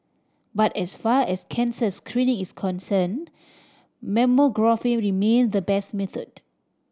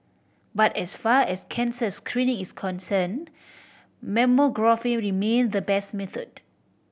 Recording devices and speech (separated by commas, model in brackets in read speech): standing microphone (AKG C214), boundary microphone (BM630), read sentence